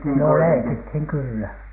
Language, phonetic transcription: Finnish, no "leikithiŋ kYllä .
- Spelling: no leikittiin kyllä

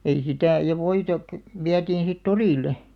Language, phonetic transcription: Finnish, ei 'sitä̀ , ja "voita kᵒ̈- , 'viätiin̬ sit "torìlle .
- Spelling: ei sitä ja voita - vietiin sitten torille

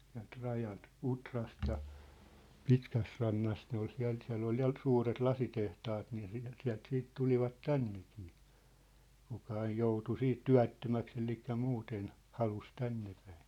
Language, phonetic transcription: Finnish, siä̭lt 'rajalt , "Utrast ja , "Pitkäsrannast ne ‿ol 'siä̭l , 'siä̭ll ‿ol ja , 'suuret "lasitehtaat nii siäl , 'siä̭lt siit "tulivat "tännekɪɪ , 'kuka aij 'joutu 'siit "tyä̭ttömäks ‿elikkä 'muuten , "halus 'tännepᴀ̈ɪɴ .
- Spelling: sieltä rajalta Utrasta ja Pitkästärannasta ne oli siellä siellä oli ja suuret lasitehtaat niin siellä sieltä sitten tulivat tännekin kuka - joutui siitä työttömäksi eli muuten halusi tännepäin

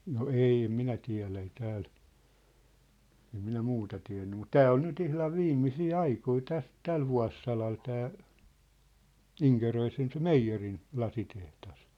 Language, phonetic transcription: Finnish, no "ei em 'minä 'tiä̭lä ei "tääl , em 'minä "muuta tiä̭nny mut "tää ol nyt 'ihlav "viimmisii "aikoi "täs , "täl vua̭ssalal 'tää , "Iŋkeröisen se "meijjerin , 'lasiteht̳as .
- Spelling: no ei en minä tiedä ei täällä en minä muuta tiennyt mutta tämä oli nyt ihan viimeisiä aikoja tässä tällä vuosisadalla tämä Inkeroisen se meijerin lasitehdas

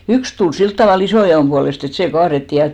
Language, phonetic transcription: Finnish, "yks tul 'silt tavà'l ‿isòja₍òm ʙualest ‿et 'sè 'kaarettì ja .
- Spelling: yksi tuli sillä tavalla isojaon puolesta että se kaadettiin ja

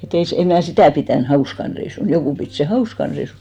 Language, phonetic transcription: Finnish, e't ‿ei se , 'em mnä̀ "sitä̀ pitä̀n 'hauskan reisun , 'jokù pit sè 'hauskan reisun .
- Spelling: että ei se en minä sitä pitänyt hauskana reissuna joku piti sen hauskana reissuna

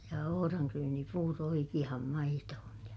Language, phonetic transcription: Finnish, ja ohoraŋkryynipuuro oikiʲaham maitohon ja , .
- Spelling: ja ohranryynipuuro oikeaan maitoon ja

